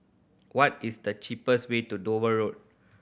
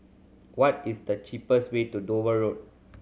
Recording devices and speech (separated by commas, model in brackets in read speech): boundary microphone (BM630), mobile phone (Samsung C7100), read sentence